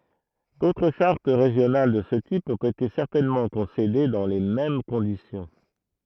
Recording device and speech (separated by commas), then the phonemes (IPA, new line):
throat microphone, read sentence
dotʁ ʃaʁt ʁeʒjonal də sə tip ɔ̃t ete sɛʁtɛnmɑ̃ kɔ̃sede dɑ̃ le mɛm kɔ̃disjɔ̃